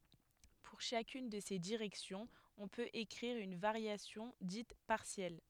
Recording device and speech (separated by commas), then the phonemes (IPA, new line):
headset microphone, read sentence
puʁ ʃakyn də se diʁɛksjɔ̃z ɔ̃ pøt ekʁiʁ yn vaʁjasjɔ̃ dit paʁsjɛl